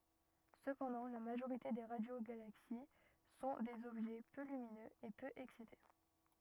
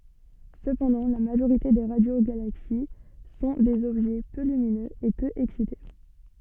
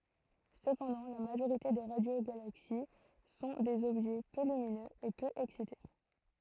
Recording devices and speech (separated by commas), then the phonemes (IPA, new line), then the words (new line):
rigid in-ear microphone, soft in-ear microphone, throat microphone, read sentence
səpɑ̃dɑ̃ la maʒoʁite de ʁadjoɡalaksi sɔ̃ dez ɔbʒɛ pø lyminøz e pø ɛksite
Cependant, la majorité des radiogalaxies sont des objets peu lumineux et peu excités.